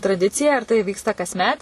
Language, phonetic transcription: Lithuanian, traˈdicija ir tai ˈvyksta kasˈmet

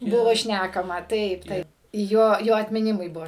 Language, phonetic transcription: Lithuanian, ˈbuvo ˈšnækama ˈtaip ˈtaip ˈjo ˈjo atmiˈnimui ˈbuo

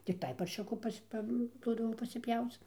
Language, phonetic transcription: Lithuanian, tikˈtai parˈšiuku ˈpas' ˈpa ˈduodavo pasiˈpjauc

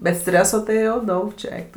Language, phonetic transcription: Lithuanian, bet ˈstreso tai jau ˈdaug čia ˈeik tu

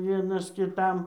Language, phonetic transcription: Lithuanian, ˈvienas kiˈtam

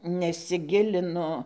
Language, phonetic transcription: Lithuanian, nesiˈgilinu

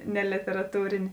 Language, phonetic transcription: Lithuanian, ne lėteraˈtūrėnė

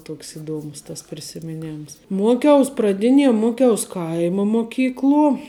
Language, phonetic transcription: Lithuanian, ˈtuoks iˈduomus tas prisimiˈnėms ˈmuokiaus praˈdinie ˈmuoˌkiaus ˈkaima moˈkykluo

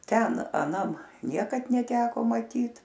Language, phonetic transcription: Lithuanian, ˈten aˈnam ˈniekad neˈteko maˈtyt

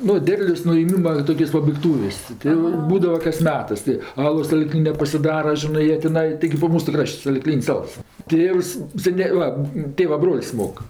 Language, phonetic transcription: Lithuanian, ˈnu ˈderlios nuėˈmyma ˈtokios pabaigˈtūvės' ˈti jo ˈbūdava kas ˈmetɜs tɜ ˈalos saˈlyklinia pasiˈdara ˈžinɜ ˈjie tiˈnai tiˈgi ˈbūva ˈmūsu ˈkraš't' saliˈklyn's' ˈals ˈtėvs seˈnė ˈva ˈtėva ˈbrol's' ˈmok

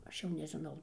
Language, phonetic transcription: Lithuanian, ˈaš jau nežiˈnau

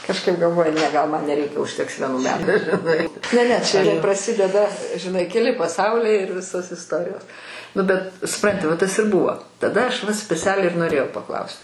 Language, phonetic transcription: Lithuanian, kažˈkaip galˈvoju ˈne gal man neˈreikia užˈteks vieˈnų ˈmetu žiˈnai ne ˈne ˈčia praˈsideda žiˈnai keˈli paˈsauliai ir ˈvisos isˈtorijos ˈnu bet suˈpranti va ˈtas ir ˈbūvo taˈda ˈaš va speˈcialiai ir noˈrėjau paˈklaus't'

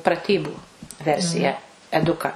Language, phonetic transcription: Lithuanian, praˈtybų ˈversiją eˈduka

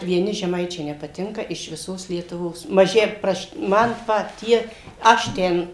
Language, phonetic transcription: Lithuanian, vieˈni žeˈmaičiai nepaˈtinka iš viˈsos lietuˈvos maˈži ˈpraš ˈman ˈpat ˈtie ˈaš ten

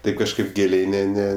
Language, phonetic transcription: Lithuanian, ˈtaip kažˈkaip ˈgėliai ˈne ˈne

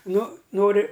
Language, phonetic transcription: Lithuanian, ˈnu ˈnori

